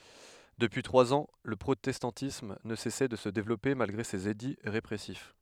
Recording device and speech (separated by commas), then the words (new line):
headset microphone, read sentence
Depuis trois ans, le protestantisme ne cessait de se développer malgré ses édits répressifs.